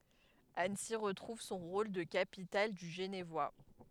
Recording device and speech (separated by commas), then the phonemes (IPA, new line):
headset microphone, read sentence
ansi ʁətʁuv sɔ̃ ʁol də kapital dy ʒənvwa